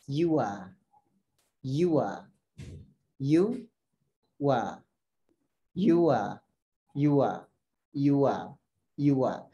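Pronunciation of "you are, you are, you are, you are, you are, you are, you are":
In 'you are', the r at the end of 'are' is not pronounced.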